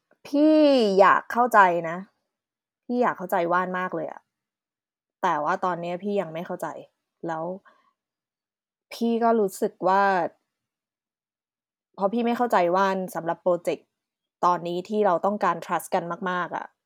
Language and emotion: Thai, frustrated